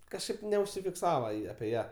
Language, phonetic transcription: Lithuanian, kažˈkaip neužsifikˈsava api ˈją

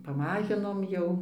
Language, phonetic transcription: Lithuanian, paˈmažinom ˈjau

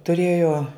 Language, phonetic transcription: Lithuanian, tuˈrėjo

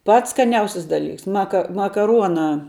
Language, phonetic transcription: Lithuanian, ˈpats skaˈniausis daˈlyks ˈmaka makaˈruonā

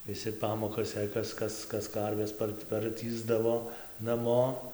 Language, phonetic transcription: Lithuanian, viˈsi ˈpamokas jei ˈkas ˈkas ˈkas ˈkarves ˈpart parˈtįsdavo naˈmo

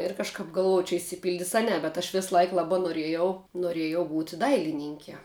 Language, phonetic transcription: Lithuanian, ir kažˈkap galˈvoj čia išsiˈpildis a ˈne bet aš visˈlaik ˈlabā norˈiejau noˈrėjau ˈbūti ˈdailininkie

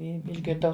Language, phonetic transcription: Lithuanian, ˈi išgirˈdau

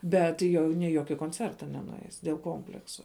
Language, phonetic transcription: Lithuanian, ˈbet jau ni i ˈjoki konˈcerta nenuˈeis dėl ˈkompleksu

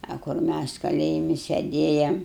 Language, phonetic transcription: Lithuanian, a kur ˈmæs kaˈlėjimi seˈdėjam

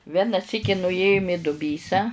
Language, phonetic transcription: Lithuanian, ˈvena ˈsyki nuˈėjum i duˈbysą

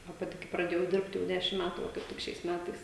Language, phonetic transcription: Lithuanian, a ˈpati kai praˈdėjau ˈdirbt jau ˈdešim ˈmætu va kaip ˈtik šiais ˈmætais

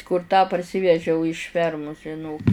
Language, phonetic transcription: Lithuanian, kur tą parˈsyvežiau iš ˈfermus žiˈnok

